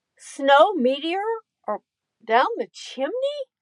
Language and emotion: English, neutral